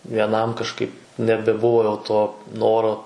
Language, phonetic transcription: Lithuanian, vieˈnam kažˈkaip nebeˈbuvo jau to ˈnoro

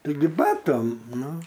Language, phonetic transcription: Lithuanian, taiˈgi ˈbatam ˈnu

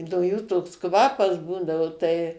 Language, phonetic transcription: Lithuanian, no ˈjų toks ˈkvapas ˈbūdavu tai

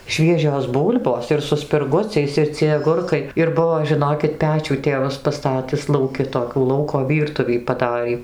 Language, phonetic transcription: Lithuanian, ˈšviežios ˈbūl'bos ir su spirˈguciais ir ciej aˈgurkai ir ˈbuvo žiˈnokit ˈpečių ˈtėvas paˈstatis lauˈki toˈkių ˈlauko ˈvyrtuvį paˈdarį

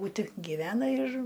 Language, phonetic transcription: Lithuanian, būˈti giˈvena ir

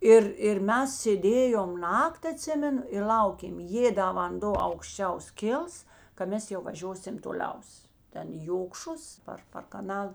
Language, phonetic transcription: Lithuanian, ˈir ir ˈmes sėˈdėjom ˈnakˈt' aˈtsimenu ir ˈlaukėm ˈjė da vanˈdo aukšˈčiaus ˈkils ka ˈmes jau vaˈžiosim toˈliaus ˈten i jokšus ˈpar par kaˈnal

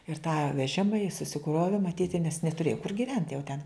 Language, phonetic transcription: Lithuanian, ir tą veˈžima jis susiˈkrovi maˈtyti nes netuˈrėja kur giˈvent jau ten

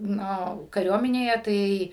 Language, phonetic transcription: Lithuanian, ˈnu kaˈriuominėje ˈtai

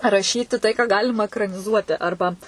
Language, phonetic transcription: Lithuanian, raˈšyti tai ką ˈgalima ekraniˈzuoti ˈarba

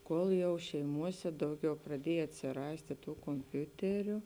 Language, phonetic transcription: Lithuanian, ˈkol jau šeiˈmuose ˈdauˌgiau praˈdiej atsiˈrastė ˈtų komˈpiuteriu

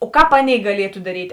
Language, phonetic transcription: Lithuanian, o ˈkāp ˈaˌnėi gaˈlietu daˈryt'

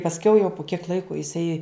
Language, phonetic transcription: Lithuanian, pasˈkiau jau pu kiek ˈlaiku jiˈsai

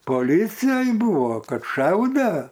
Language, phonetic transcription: Lithuanian, poˈlycijoj ˈbūvo ˈkad ˈšaude

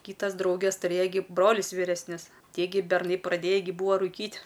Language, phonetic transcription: Lithuanian, ˈkytas ˈdrauges tuˈrėja gi ˈbrolius vyresˈnius ˈtie gi berˈnai praˈdėji gi ˈbūa ruˈkyt'

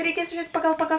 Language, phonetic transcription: Lithuanian, reiˈkies žiuˈriet' ˈpagal ˈpagal

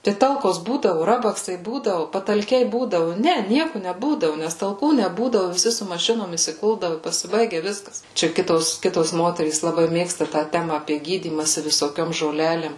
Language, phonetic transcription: Lithuanian, tai ˈtalkos ˈbūdavu ˈrabaksai ˈbūdavu patalˈkiai ˈbūdavu ˈne ˈnieku neˈbūdavu nes talˈkų neˈbūdavu viˈsi su maˈšinom isiˈkuldavu i pasiˈbaigia ˈviskas ˈčia ˈkitos ˈkitos ˈmoterys laˈbai ˈmėgsta tą ˈtema apie ˈgydymasi visoˈkiom žoˈlelėm

